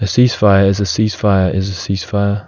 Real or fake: real